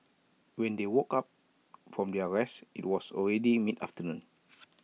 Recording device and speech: mobile phone (iPhone 6), read sentence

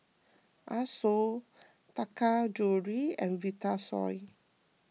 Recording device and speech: mobile phone (iPhone 6), read sentence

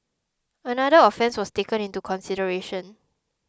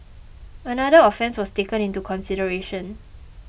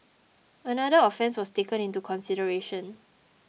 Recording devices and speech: close-talking microphone (WH20), boundary microphone (BM630), mobile phone (iPhone 6), read sentence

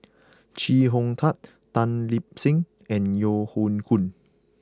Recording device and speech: close-talking microphone (WH20), read sentence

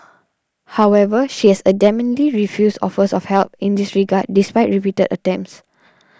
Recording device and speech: standing microphone (AKG C214), read sentence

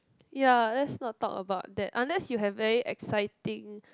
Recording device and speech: close-talking microphone, conversation in the same room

